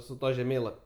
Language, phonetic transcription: Lithuanian, su ˈtuo žeˈmėlap'

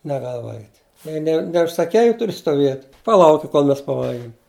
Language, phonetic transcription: Lithuanian, neˈgal ˈvalgit' ˈjei ne neužsaˈkei i ˈturi stoˈviet' paˈlauki kol ˈmes paˈvalgim

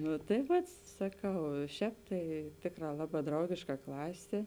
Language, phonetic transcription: Lithuanian, ˈnu tai ˈvat saˈkau i ˈšēp tai ˈtėkˌrā ˈlaˌbā ˈdraugėška ˈklasė

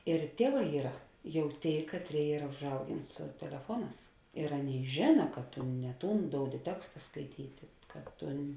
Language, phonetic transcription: Lithuanian, ir ˈtieˌvā ˈyra ˈjau ˈtėi ˈkatˌrėi ˈyra užˈaugėn su teleˈfuoˌnās ir ˈaˌnėi ˈžėna kad tu ne ˈtūn ˈdoudi ˈteksta skaiˈtyti ka ˈtun

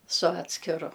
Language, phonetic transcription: Lithuanian, su ˈatskiru

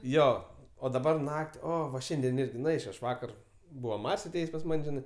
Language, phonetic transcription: Lithuanian, ˈjo o daˈbar ˈnak't' ˈo va ˈšiandien ˈirgi nu ˈeičio aš ˈvakar ˈbūva ˈmar's' aˈtėjės' pas ˈman' ˈžinai

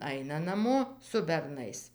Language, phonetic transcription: Lithuanian, ˈaina naˈmo su berˈnais

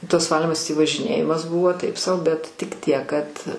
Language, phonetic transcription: Lithuanian, tas ˈvalymas tį važiˈnėjimas ˈbuvo ˈtaip sau bet tik ˈtiek kad

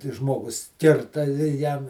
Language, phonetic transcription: Lithuanian, ti ˈžmogus ˈkirta i ˈjam

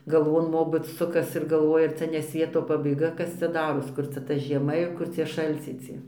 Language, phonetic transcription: Lithuanian, galˈvon ˈmobɨt ˈsukas ir galˈvoja ˈcia ne ˈsvieto pabaiˈga ˈkas cia ˈdaros ˈkur cia ta žieˈma ir ˈkur cie šalˈciai ˈcie

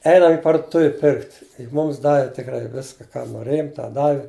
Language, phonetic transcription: Lithuanian, ˈeinam i parduˈtuvi ˈpirkt ˈmums ˈdavi tikˈrai ˈviska ˈką noˈrėjum ˈtą ˈdavi

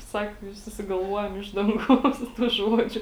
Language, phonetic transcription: Lithuanian, ˈsako i susigalˈvuojam ˈiš danˌgaus tų ˈžuodžiu

